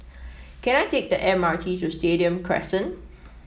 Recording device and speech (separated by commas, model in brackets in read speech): mobile phone (iPhone 7), read sentence